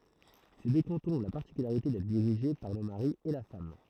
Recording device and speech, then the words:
throat microphone, read sentence
Ces deux cantons ont la particularité d'être dirigés par le mari et la femme.

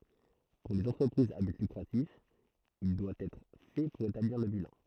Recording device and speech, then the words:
throat microphone, read sentence
Pour les entreprises à but lucratif, il doit être fait pour établir le bilan.

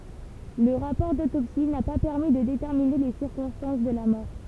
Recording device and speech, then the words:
temple vibration pickup, read sentence
Le rapport d'autopsie n'a pas permis de déterminer les circonstances de la mort.

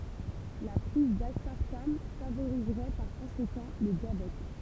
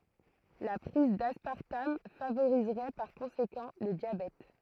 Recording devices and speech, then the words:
temple vibration pickup, throat microphone, read sentence
La prise d'aspartame favoriserait par conséquent le diabète.

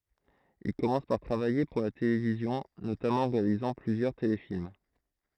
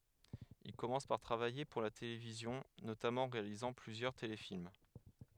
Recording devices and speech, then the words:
throat microphone, headset microphone, read sentence
Il commence par travailler pour la télévision, notamment en réalisant plusieurs téléfilms.

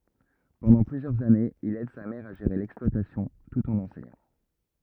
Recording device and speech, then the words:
rigid in-ear microphone, read sentence
Pendant plusieurs années, il aide sa mère à gérer l'exploitation, tout en enseignant.

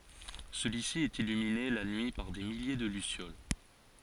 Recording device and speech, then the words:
forehead accelerometer, read sentence
Celui-ci est illuminé la nuit par des milliers de lucioles.

